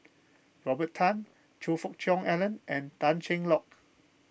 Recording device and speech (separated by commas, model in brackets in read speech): boundary microphone (BM630), read sentence